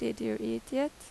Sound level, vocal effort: 83 dB SPL, normal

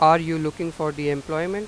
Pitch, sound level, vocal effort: 160 Hz, 94 dB SPL, loud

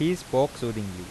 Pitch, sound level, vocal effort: 130 Hz, 88 dB SPL, normal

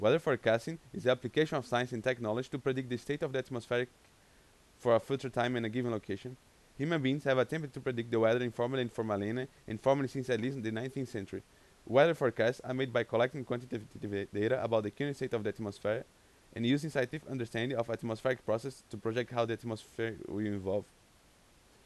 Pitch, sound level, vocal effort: 120 Hz, 89 dB SPL, loud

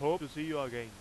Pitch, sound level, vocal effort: 145 Hz, 97 dB SPL, very loud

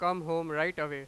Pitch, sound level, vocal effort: 160 Hz, 100 dB SPL, very loud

